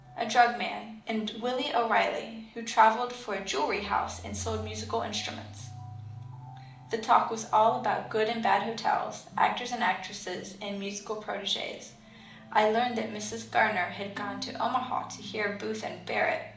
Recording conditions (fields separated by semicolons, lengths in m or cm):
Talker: one person; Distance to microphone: 2.0 m; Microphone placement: close; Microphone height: 99 cm; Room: medium-sized (5.7 m by 4.0 m); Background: music